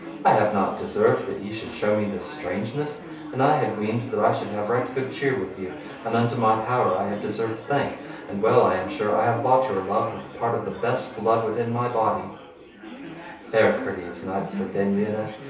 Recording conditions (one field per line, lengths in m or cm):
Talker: one person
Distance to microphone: 3.0 m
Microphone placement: far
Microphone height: 1.8 m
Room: small (3.7 m by 2.7 m)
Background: babble